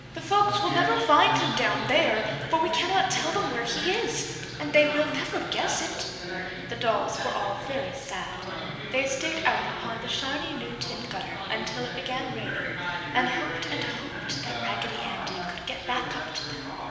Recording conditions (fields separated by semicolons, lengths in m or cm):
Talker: one person; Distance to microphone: 1.7 m; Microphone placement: close; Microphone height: 1.0 m; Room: very reverberant, large; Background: television